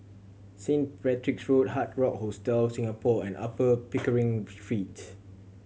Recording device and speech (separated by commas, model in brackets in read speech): mobile phone (Samsung C7100), read sentence